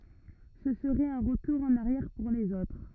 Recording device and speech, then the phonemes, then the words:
rigid in-ear microphone, read sentence
sə səʁɛt œ̃ ʁətuʁ ɑ̃n aʁjɛʁ puʁ lez otʁ
Ce serait un retour en arrière pour les autres.

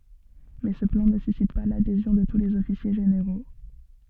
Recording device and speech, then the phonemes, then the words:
soft in-ear microphone, read sentence
mɛ sə plɑ̃ nə sysit pa ladezjɔ̃ də tu lez ɔfisje ʒeneʁo
Mais ce plan ne suscite pas l'adhésion de tous les officiers généraux.

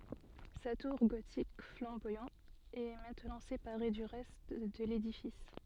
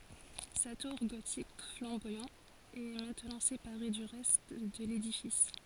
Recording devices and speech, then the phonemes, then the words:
soft in-ear microphone, forehead accelerometer, read sentence
sa tuʁ ɡotik flɑ̃bwajɑ̃ ɛ mɛ̃tnɑ̃ sepaʁe dy ʁɛst də ledifis
Sa tour gothique flamboyant est maintenant séparée du reste de l'édifice.

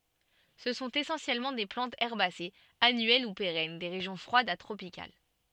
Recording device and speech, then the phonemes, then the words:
soft in-ear microphone, read sentence
sə sɔ̃t esɑ̃sjɛlmɑ̃ de plɑ̃tz ɛʁbasez anyɛl u peʁɛn de ʁeʒjɔ̃ fʁwadz a tʁopikal
Ce sont essentiellement des plantes herbacées, annuelles ou pérennes, des régions froides à tropicales.

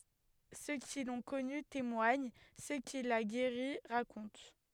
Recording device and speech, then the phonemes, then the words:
headset microphone, read sentence
sø ki lɔ̃ kɔny temwaɲ sø kil a ɡeʁi ʁakɔ̃t
Ceux qui l'ont connu témoignent, ceux qu'il a guéris racontent.

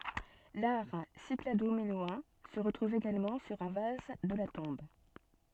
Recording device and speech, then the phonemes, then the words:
soft in-ear microphone, read sentence
laʁ sikladominoɑ̃ sə ʁətʁuv eɡalmɑ̃ syʁ œ̃ vaz də la tɔ̃b
L'art cyclado-minoen se retrouve également sur un vase de la tombe.

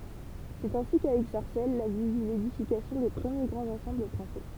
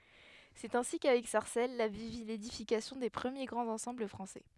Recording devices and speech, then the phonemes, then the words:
temple vibration pickup, headset microphone, read sentence
sɛt ɛ̃si kavɛk saʁsɛl la vil vi ledifikasjɔ̃ de pʁəmje ɡʁɑ̃z ɑ̃sɑ̃bl fʁɑ̃sɛ
C'est ainsi qu'avec Sarcelles, la ville vit l'édification des premiers grands ensembles français.

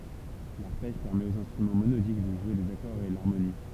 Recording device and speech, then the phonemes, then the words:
temple vibration pickup, read sentence
laʁpɛʒ pɛʁmɛt oz ɛ̃stʁymɑ̃ monodik də ʒwe dez akɔʁz e laʁmoni
L'arpège permet aux instruments monodiques de jouer des accords et l'harmonie.

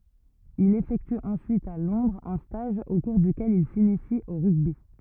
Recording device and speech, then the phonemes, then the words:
rigid in-ear microphone, read sentence
il efɛkty ɑ̃syit a lɔ̃dʁz œ̃ staʒ o kuʁ dykɛl il sinisi o ʁyɡbi
Il effectue ensuite à Londres un stage au cours duquel il s'initie au rugby.

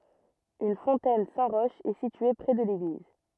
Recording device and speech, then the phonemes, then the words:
rigid in-ear microphone, read sentence
yn fɔ̃tɛn sɛ̃ ʁɔʃ ɛ sitye pʁɛ də leɡliz
Une fontaine Saint-Roch est située près de l'église.

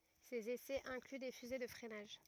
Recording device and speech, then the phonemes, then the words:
rigid in-ear microphone, read sentence
sez esɛz ɛ̃kly de fyze də fʁɛnaʒ
Ses essais incluent des fusées de freinage.

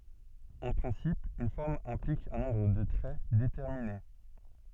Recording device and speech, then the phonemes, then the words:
soft in-ear microphone, read sentence
ɑ̃ pʁɛ̃sip yn fɔʁm ɛ̃plik œ̃ nɔ̃bʁ də tʁɛ detɛʁmine
En principe, une forme implique un nombre de traits déterminé.

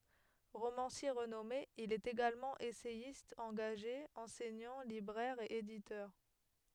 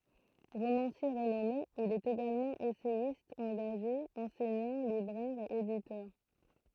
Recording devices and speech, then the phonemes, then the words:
headset microphone, throat microphone, read sentence
ʁomɑ̃sje ʁənɔme il ɛt eɡalmɑ̃ esɛjist ɑ̃ɡaʒe ɑ̃sɛɲɑ̃ libʁɛʁ e editœʁ
Romancier renommé, il est également essayiste engagé, enseignant, libraire et éditeur.

